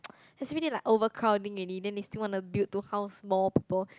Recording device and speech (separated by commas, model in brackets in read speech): close-talking microphone, conversation in the same room